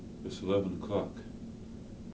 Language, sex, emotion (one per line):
English
male
neutral